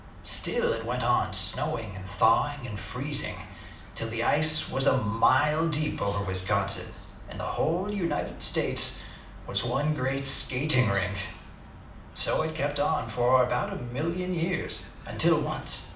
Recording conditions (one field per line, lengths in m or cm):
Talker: one person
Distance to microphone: 2.0 m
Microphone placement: close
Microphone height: 99 cm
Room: medium-sized (5.7 m by 4.0 m)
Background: television